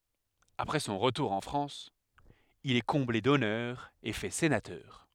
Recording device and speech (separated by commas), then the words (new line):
headset microphone, read sentence
Après son retour en France, il est comblé d'honneurs et fait sénateur.